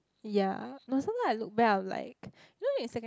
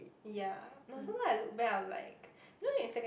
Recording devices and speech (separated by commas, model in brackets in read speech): close-talking microphone, boundary microphone, conversation in the same room